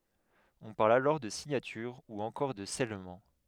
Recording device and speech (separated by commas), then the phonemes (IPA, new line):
headset microphone, read sentence
ɔ̃ paʁl alɔʁ də siɲatyʁ u ɑ̃kɔʁ də sɛlmɑ̃